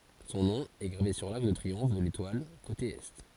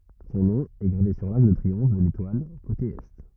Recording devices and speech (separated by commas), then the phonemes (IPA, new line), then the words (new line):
forehead accelerometer, rigid in-ear microphone, read sentence
sɔ̃ nɔ̃ ɛ ɡʁave syʁ laʁk də tʁiɔ̃f də letwal kote ɛ
Son nom est gravé sur l'arc de triomphe de l'Étoile, côté Est.